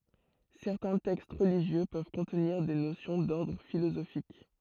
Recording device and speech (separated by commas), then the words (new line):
throat microphone, read sentence
Certains textes religieux peuvent contenir des notions d'ordre philosophique.